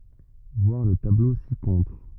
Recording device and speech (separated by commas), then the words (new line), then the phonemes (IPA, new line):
rigid in-ear microphone, read sentence
Voir le tableau ci-contre.
vwaʁ lə tablo sikɔ̃tʁ